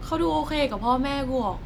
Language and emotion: Thai, neutral